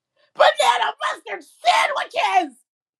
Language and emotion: English, angry